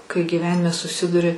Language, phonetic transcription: Lithuanian, kai gyˈvenime suˈsiduri

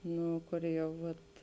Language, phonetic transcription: Lithuanian, ˈnu ˈkur ˈjau ˈvat

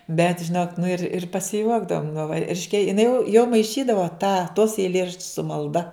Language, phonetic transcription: Lithuanian, bet žiˈnok nu ir ir pasiˈjuokdavom nu va ˈriškia jiˈnai jau jau maiˈšydavo tą tos eiˈlėraščius su malˈda

